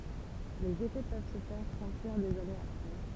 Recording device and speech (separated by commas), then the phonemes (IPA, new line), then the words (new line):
temple vibration pickup, read sentence
lez efɛ pøv sə fɛʁ sɑ̃tiʁ dez anez apʁɛ
Les effets peuvent se faire sentir des années après.